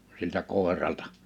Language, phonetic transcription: Finnish, siltä 'kòeraltᴀ .
- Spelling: siltä koiralta

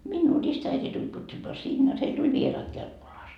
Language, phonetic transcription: Finnish, "minnuu "ristäiti tuĺ pyytämää 'sinne jot 'heil tuĺ "vieraat 'Kelkkolaas .
- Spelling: minua ristiäiti tuli pyytämään sinne jotta heille tuli vieraat Kelkkolasta

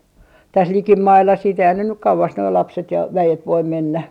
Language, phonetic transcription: Finnish, täs "likimailla siit eihän ne nyk 'kauvas noi 'lapset ja "väjet 'voim 'mennä .
- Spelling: tässä likimailla sitten eihän ne nyt kauas nuo lapset ja väet voi mennä

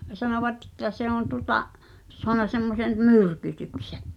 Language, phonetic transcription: Finnish, 'sanovatᵗ ‿ᵉttä se ‿on tuŏta’ , soana semmosen , "myrkytyksᴇ .
- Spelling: sanoivat että se on tuota saanut semmoisen myrkytyksen

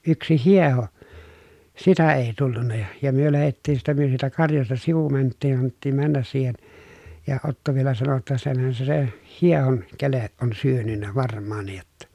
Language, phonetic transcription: Finnish, yksi hieho , sitä ee tullunna ja , ja myö lähettiin siitä myö siitä karjasta sivu mänttiin annettiim männäs siihen , ja Otto vielä sano ‿tta » senhän se se , hiehoŋ keleʼ ʼon syönynnä varm̆maaǹij jotta » .
- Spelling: yksi hieho sitä ei tullut ja ja me lähdettiin siitä me siitä karjasta sivu mentiin annettiin mennä siihen ja Otto vielä sanoi jotta senhän se se hiehon kele on syönyt varmaankin jotta

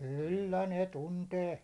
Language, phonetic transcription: Finnish, kyllä 'ne 'tuntee .
- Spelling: kyllä ne tuntee

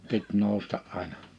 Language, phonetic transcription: Finnish, pit 'nòusta’ ’àina .
- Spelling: piti nousta aina

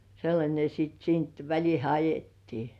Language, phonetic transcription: Finnish, sellańe (ja) siit siint 'väĺihe "ajettii .
- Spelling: sellainen ja sitten siitä välitse ajettiin

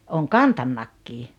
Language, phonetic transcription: Finnish, ooŋ "kantaímakki .
- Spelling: olen kantanutkin

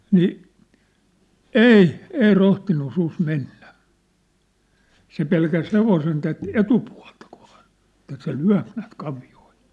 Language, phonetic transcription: Finnish, nii , "ei , 'ei 'rohtinnu 'sus 'mennä , 'se pelkäs 'hevosen tät "etupua̭lta (kovᴀᴀ) , ᵉt̀ä se "lyä̭p näät 'kavi₍oil .
- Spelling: niin ei ei rohtinut susi mennä se pelkäsi hevosen tätä etupuolta kovaa että se lyö näet kavioilla

